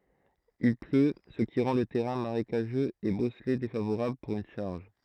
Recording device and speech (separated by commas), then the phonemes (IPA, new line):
throat microphone, read sentence
il plø sə ki ʁɑ̃ lə tɛʁɛ̃ maʁekaʒøz e bɔsle defavoʁabl puʁ yn ʃaʁʒ